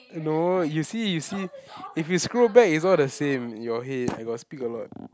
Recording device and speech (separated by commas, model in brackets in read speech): close-talking microphone, conversation in the same room